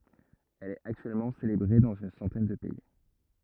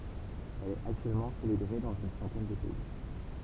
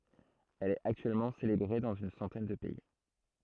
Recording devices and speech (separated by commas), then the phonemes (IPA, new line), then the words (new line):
rigid in-ear microphone, temple vibration pickup, throat microphone, read sentence
ɛl ɛt aktyɛlmɑ̃ selebʁe dɑ̃z yn sɑ̃tɛn də pɛi
Elle est actuellement célébrée dans une centaine de pays.